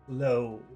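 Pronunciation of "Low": The vowel in 'low' is really long: it is two vowel sounds together.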